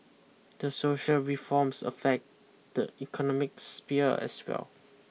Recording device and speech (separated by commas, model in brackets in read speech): mobile phone (iPhone 6), read sentence